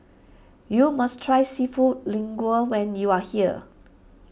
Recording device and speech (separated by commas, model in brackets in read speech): boundary microphone (BM630), read sentence